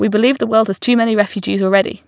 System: none